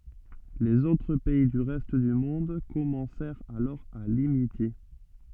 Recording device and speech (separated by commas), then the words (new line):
soft in-ear microphone, read sentence
Les autres pays du reste du monde commencèrent alors à l'imiter.